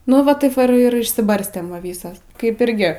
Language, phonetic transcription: Lithuanian, nu ˈva ˈtaip va ir ir išsiˈbarstėm ˈva ˈvysas kaip ˈirgi

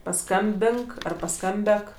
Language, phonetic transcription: Lithuanian, paˈskambink ˈar paˈskambek

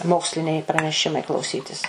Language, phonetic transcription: Lithuanian, ˈmoksliniai praneˈšimai klauˈsytis

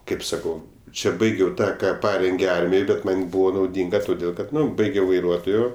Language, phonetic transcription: Lithuanian, ˈkaip saˈkau ˈčia ˈbaigiau ˈtą ˈką ˈparengė ˈarmij ˈbet ˈman' ˈbuvo nauˈdinga toˈdėl ˈkad ˈnu ˈbaigiau vaiˈruotojo

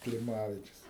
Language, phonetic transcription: Lithuanian, kliˈmavičius

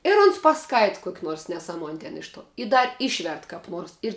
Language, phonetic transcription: Lithuanian, ir uns paˈskaita ˈkuok' ˈnors neˈsamuon' ten ˈiš ˌtuo i ˈdar ˈišvert kap ˈnuors ir

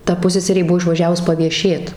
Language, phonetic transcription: Lithuanian, ˈta ˈpusseserė ˈbuo išvaˈžiavus pavieˈšėt

